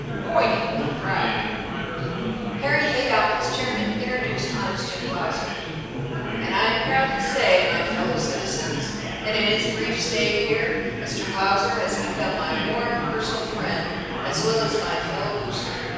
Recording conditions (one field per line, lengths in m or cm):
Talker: one person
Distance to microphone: 7.1 m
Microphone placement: far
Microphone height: 1.7 m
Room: very reverberant, large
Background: babble